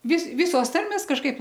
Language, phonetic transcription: Lithuanian, vis ˈvisos ˈtarmės kažˈkaip

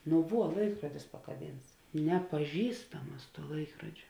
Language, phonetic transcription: Lithuanian, nu ˈvuo ˈlaikruodis pakaˈbynts nepaˈžįstam ˈmas ˈlaikrodžio

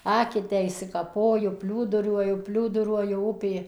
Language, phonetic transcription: Lithuanian, ˈaketę išsikaˈpoju ˈpliūduriuoju ˈpliūduruoju ˈupė

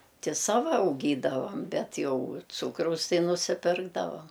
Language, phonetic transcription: Lithuanian, ˈti ˈsava auˈgydavam ˈbet ˈjau ˈcūkraus ˈtai nusiˈpirkdavam

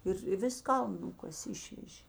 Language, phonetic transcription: Lithuanian, ir i ˈvis ˈkaln ˈnukasė ˈišvežė

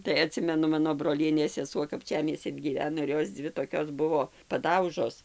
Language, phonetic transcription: Lithuanian, tai aˈtsimenu ˈmano broˈlienės seˈsuo kapˈčiamiescin gyˈveno ir ˈjos ˈdzvi toˈkios ˈbuvo paˈdaužos

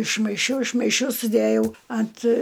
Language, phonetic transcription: Lithuanian, išmaiˈšiau išmaiˈšiau suˈdæjau ant

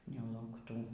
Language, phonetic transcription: Lithuanian, nelaukˈtų

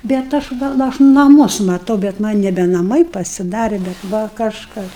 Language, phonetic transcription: Lithuanian, bet ˈaš va aš naˈmus maˈtau bet ˈman' nebe naˈmai pasiˈdarė bet ˈva kažˈkas

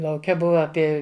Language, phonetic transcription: Lithuanian, lauˈke ˈbuva aˈpie

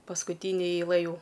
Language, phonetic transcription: Lithuanian, paskuˈtynė eiˈlɘ ˈjų

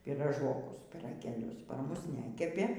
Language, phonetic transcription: Lithuanian, pyraˈžokus pyragėˈlius par ˈmus ˈnekepė

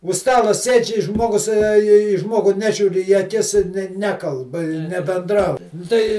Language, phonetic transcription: Lithuanian, už ˈstalo ˈsėdž' i ˈžmogus a į ˈžmogu ˈnežiūr' į aˈkis ˈnekalb i nebenˈdrau ˈtai

